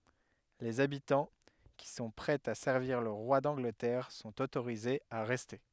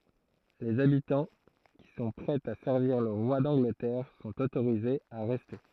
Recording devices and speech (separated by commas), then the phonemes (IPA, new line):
headset microphone, throat microphone, read sentence
lez abitɑ̃ ki sɔ̃ pʁɛz a sɛʁviʁ lə ʁwa dɑ̃ɡlətɛʁ sɔ̃t otoʁizez a ʁɛste